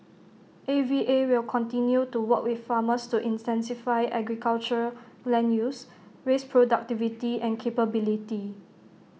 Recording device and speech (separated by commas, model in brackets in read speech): mobile phone (iPhone 6), read sentence